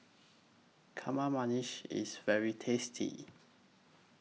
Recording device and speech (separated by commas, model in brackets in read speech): mobile phone (iPhone 6), read sentence